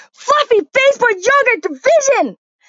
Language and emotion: English, disgusted